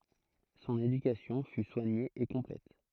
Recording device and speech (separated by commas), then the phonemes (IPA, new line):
throat microphone, read sentence
sɔ̃n edykasjɔ̃ fy swaɲe e kɔ̃plɛt